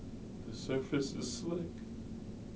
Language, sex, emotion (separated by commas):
English, male, neutral